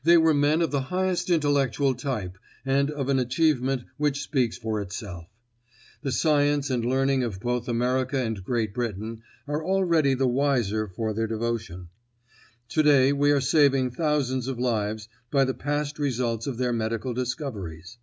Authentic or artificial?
authentic